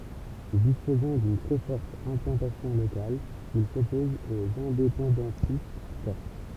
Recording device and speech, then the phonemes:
temple vibration pickup, read sentence
dispozɑ̃ dyn tʁɛ fɔʁt ɛ̃plɑ̃tasjɔ̃ lokal il sɔpɔz oz ɛ̃depɑ̃dɑ̃tist kɔʁs

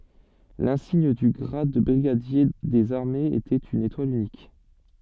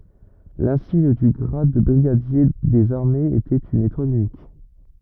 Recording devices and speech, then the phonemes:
soft in-ear microphone, rigid in-ear microphone, read sentence
lɛ̃siɲ dy ɡʁad də bʁiɡadje dez aʁmez etɛt yn etwal ynik

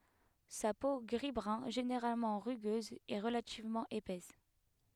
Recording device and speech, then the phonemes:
headset microphone, read sentence
sa po ɡʁizbʁœ̃ ʒeneʁalmɑ̃ ʁyɡøz ɛ ʁəlativmɑ̃ epɛs

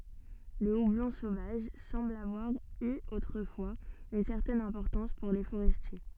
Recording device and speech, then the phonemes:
soft in-ear microphone, read sentence
lə ublɔ̃ sovaʒ sɑ̃bl avwaʁ y otʁəfwaz yn sɛʁtɛn ɛ̃pɔʁtɑ̃s puʁ le foʁɛstje

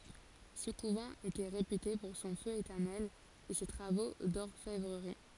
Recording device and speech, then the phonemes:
forehead accelerometer, read sentence
sə kuvɑ̃ etɛ ʁepyte puʁ sɔ̃ fø etɛʁnɛl e se tʁavo dɔʁfɛvʁəʁi

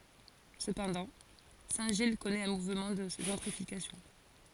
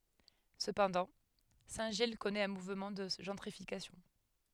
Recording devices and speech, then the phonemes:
forehead accelerometer, headset microphone, read sentence
səpɑ̃dɑ̃ sɛ̃tʒij kɔnɛt œ̃ muvmɑ̃ də ʒɑ̃tʁifikasjɔ̃

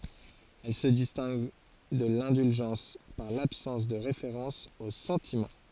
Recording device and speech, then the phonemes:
forehead accelerometer, read sentence
ɛl sə distɛ̃ɡ də lɛ̃dylʒɑ̃s paʁ labsɑ̃s də ʁefeʁɑ̃s o sɑ̃timɑ̃

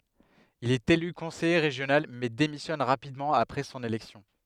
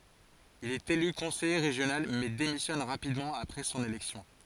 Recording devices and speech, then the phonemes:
headset microphone, forehead accelerometer, read sentence
il ɛt ely kɔ̃sɛje ʁeʒjonal mɛ demisjɔn ʁapidmɑ̃ apʁɛ sɔ̃n elɛksjɔ̃

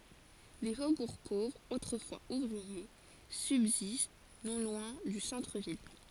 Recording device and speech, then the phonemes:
forehead accelerometer, read sentence
de fobuʁ povʁz otʁəfwaz uvʁie sybzist nɔ̃ lwɛ̃ dy sɑ̃tʁəvil

